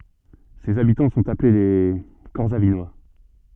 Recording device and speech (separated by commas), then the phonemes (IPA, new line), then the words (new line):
soft in-ear microphone, read sentence
sez abitɑ̃ sɔ̃t aple le kɔʁsavinwa
Ses habitants sont appelés les Corsavinois.